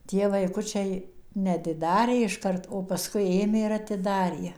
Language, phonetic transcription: Lithuanian, ˈtie vaiˈkučiai neatiˈdarė išˈkart o paˈskui ˈėmė ir atiˈdarė jie

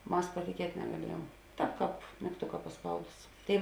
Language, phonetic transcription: Lithuanian, ˈmas patiˈkiet' negaˈliejuom ˈtāp kāp migˈtuka paˈspaudus ˈtėi

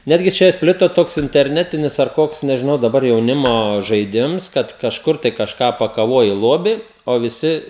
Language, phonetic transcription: Lithuanian, ˈnetgi ˈčia ˈplito ˈtoks interˈnetinis ar ˈkoks nežiˈnau daˈbar jauˈnimo žaiˈdims ˈkad kažˈkur tai kažˈką pakaˈvuoji ˈlobi o viˈsi

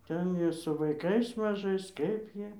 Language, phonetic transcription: Lithuanian, ˈten jie su vaiˈkais maˈžais ˈkaip ˈjie

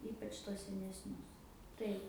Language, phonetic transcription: Lithuanian, ˈypač tuos senesˈnius ˈtaip

